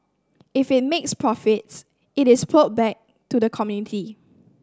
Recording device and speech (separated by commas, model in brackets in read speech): standing microphone (AKG C214), read sentence